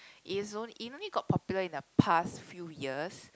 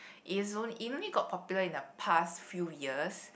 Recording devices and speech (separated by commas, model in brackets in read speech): close-talking microphone, boundary microphone, conversation in the same room